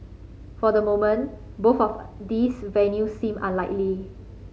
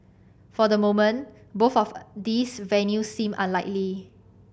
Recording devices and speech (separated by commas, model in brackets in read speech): mobile phone (Samsung C5010), boundary microphone (BM630), read sentence